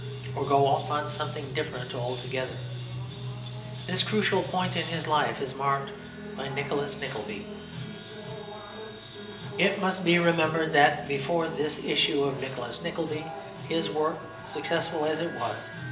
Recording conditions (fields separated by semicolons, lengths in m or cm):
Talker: one person; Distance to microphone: 1.8 m; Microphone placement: close; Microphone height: 1.0 m; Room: large; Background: music